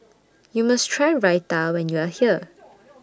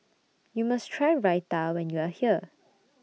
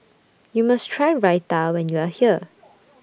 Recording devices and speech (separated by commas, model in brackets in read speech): standing microphone (AKG C214), mobile phone (iPhone 6), boundary microphone (BM630), read sentence